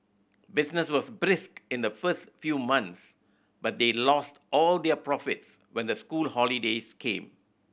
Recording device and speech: boundary microphone (BM630), read sentence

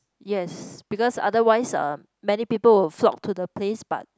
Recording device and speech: close-talking microphone, conversation in the same room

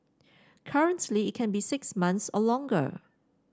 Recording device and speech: standing microphone (AKG C214), read sentence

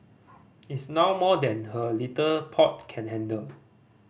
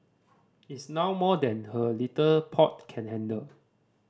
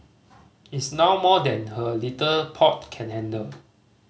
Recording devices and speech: boundary microphone (BM630), standing microphone (AKG C214), mobile phone (Samsung C5010), read sentence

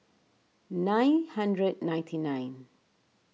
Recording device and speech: mobile phone (iPhone 6), read sentence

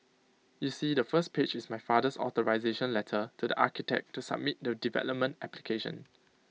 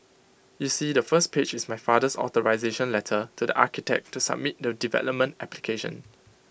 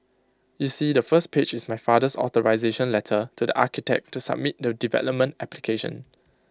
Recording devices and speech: mobile phone (iPhone 6), boundary microphone (BM630), close-talking microphone (WH20), read sentence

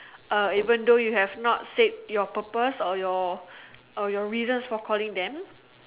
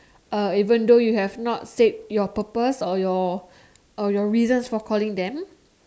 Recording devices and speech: telephone, standing microphone, conversation in separate rooms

